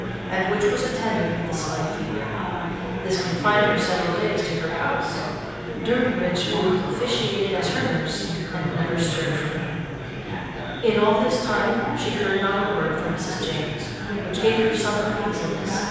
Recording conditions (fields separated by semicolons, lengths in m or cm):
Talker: one person; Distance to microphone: 7.1 m; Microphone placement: far; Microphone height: 1.7 m; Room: very reverberant, large; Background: babble